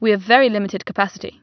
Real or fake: real